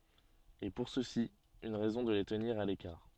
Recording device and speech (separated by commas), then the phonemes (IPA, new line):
soft in-ear microphone, read sentence
e puʁ sø si yn ʁɛzɔ̃ də le təniʁ a lekaʁ